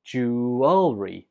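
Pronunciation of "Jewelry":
'Jewelry' is said with three syllables, not two, and the stress is on the first syllable.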